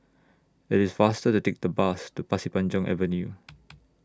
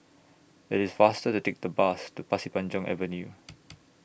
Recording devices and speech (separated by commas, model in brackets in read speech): standing microphone (AKG C214), boundary microphone (BM630), read sentence